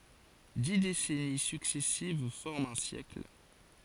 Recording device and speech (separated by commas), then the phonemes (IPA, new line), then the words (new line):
forehead accelerometer, read sentence
di desɛni syksɛsiv fɔʁmt œ̃ sjɛkl
Dix décennies successives forment un siècle.